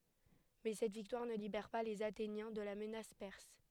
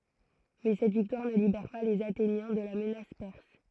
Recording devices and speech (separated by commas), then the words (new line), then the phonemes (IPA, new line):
headset microphone, throat microphone, read sentence
Mais cette victoire ne libère pas les Athéniens de la menace perse.
mɛ sɛt viktwaʁ nə libɛʁ pa lez atenjɛ̃ də la mənas pɛʁs